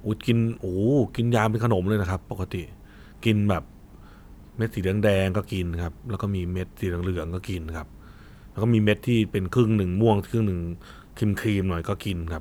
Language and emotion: Thai, neutral